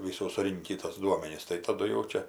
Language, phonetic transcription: Lithuanian, viˈsų suˈrinkį tos ˈduomenis tai taˈdu jau ˈčia

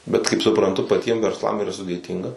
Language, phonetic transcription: Lithuanian, bet kaip supranˈtu paˈtiem versˈlam yˈra sudėˈtynga

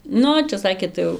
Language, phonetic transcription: Lithuanian, ˈnu čia ˈsakė ˈtai jau

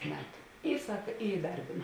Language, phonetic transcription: Lithuanian, ˈmetu ˈy ˈsak i iˈdarbėna

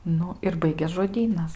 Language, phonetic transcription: Lithuanian, ˈnu ir ˈbaigės žoˈdynas

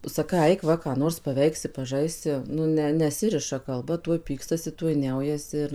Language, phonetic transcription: Lithuanian, saˈkai ˈaik va ką ˈnors paˈveiksi paˈžaisi nu ˈne neˈsiriša kalˈba ˈtuoj ˈpykstasi ˈtuoj ˈniaujasi ir

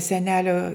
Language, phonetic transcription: Lithuanian, seˈnelio

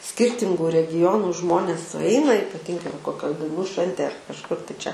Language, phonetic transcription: Lithuanian, ˈskyrtingu regiˈjonu ˈžmonės suˈeina ypaˈtingai va koˈkioj dainų ˈšventėj ar kažˈkur tai ˈčia

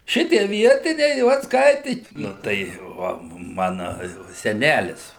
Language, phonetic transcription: Lithuanian, ˈšitie ˈvietiniai ˈvat ˈskaiti ˈnu tai ˈva ˈmana ˈjau seˈnælis

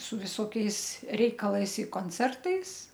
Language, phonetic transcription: Lithuanian, su viˈsokiais ˈreikalais i konˈcertais

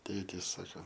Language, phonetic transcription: Lithuanian, ˈtėtys ˈsako

